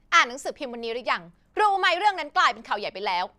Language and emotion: Thai, angry